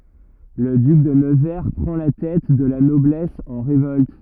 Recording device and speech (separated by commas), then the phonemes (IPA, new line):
rigid in-ear microphone, read sentence
lə dyk də nəvɛʁ pʁɑ̃ la tɛt də la nɔblɛs ɑ̃ ʁevɔlt